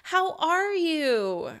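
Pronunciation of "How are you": In 'How are you', the stress is on 'are', and the intonation is light and happy, with extra enthusiasm in the voice.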